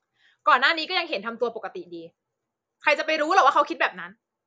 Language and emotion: Thai, angry